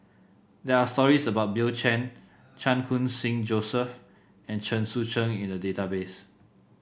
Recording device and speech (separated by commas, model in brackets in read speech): boundary microphone (BM630), read sentence